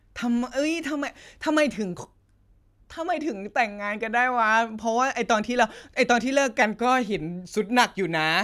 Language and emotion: Thai, happy